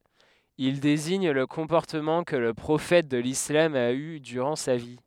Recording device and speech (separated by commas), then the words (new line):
headset microphone, read sentence
Il désigne le comportement que le prophète de l'islam a eu durant sa vie.